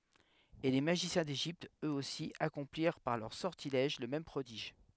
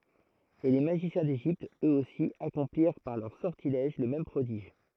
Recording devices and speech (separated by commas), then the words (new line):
headset microphone, throat microphone, read sentence
Et les magiciens d'Égypte, eux-aussi, accomplirent par leurs sortilèges le même prodige.